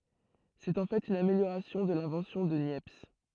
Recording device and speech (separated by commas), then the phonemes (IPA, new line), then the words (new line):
throat microphone, read sentence
sɛt ɑ̃ fɛt yn ameljoʁasjɔ̃ də lɛ̃vɑ̃sjɔ̃ də njɛps
C'est en fait une amélioration de l'invention de Niepce.